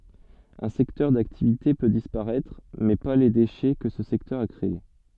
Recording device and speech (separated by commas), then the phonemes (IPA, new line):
soft in-ear microphone, read sentence
œ̃ sɛktœʁ daktivite pø dispaʁɛtʁ mɛ pa le deʃɛ kə sə sɛktœʁ a kʁee